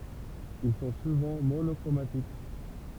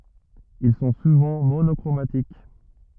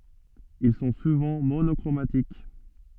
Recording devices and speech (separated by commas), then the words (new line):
temple vibration pickup, rigid in-ear microphone, soft in-ear microphone, read sentence
Ils sont souvent monochromatiques.